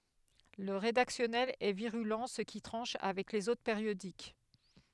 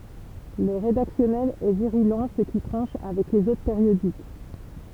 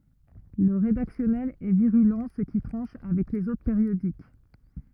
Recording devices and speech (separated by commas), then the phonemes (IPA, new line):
headset microphone, temple vibration pickup, rigid in-ear microphone, read sentence
lə ʁedaksjɔnɛl ɛ viʁylɑ̃ sə ki tʁɑ̃ʃ avɛk lez otʁ peʁjodik